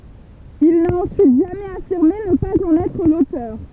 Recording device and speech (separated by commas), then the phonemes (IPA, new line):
temple vibration pickup, read sentence
il na ɑ̃syit ʒamɛz afiʁme nə paz ɑ̃n ɛtʁ lotœʁ